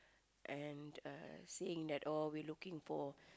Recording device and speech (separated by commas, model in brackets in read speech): close-talking microphone, conversation in the same room